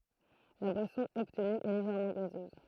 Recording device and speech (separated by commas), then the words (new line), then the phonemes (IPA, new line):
throat microphone, read sentence
La boisson obtenue est légèrement gazeuse.
la bwasɔ̃ ɔbtny ɛ leʒɛʁmɑ̃ ɡazøz